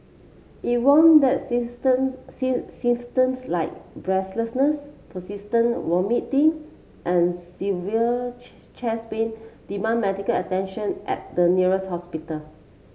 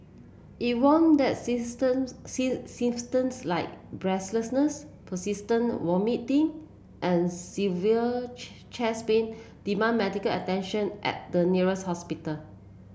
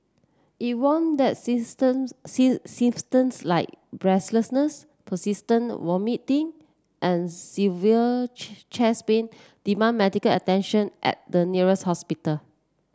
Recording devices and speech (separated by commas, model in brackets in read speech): mobile phone (Samsung C7), boundary microphone (BM630), standing microphone (AKG C214), read sentence